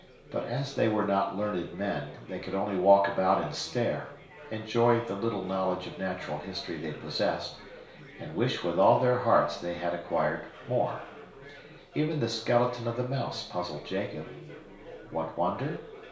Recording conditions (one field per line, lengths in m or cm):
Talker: one person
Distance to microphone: 1.0 m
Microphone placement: close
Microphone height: 1.1 m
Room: small (3.7 m by 2.7 m)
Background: babble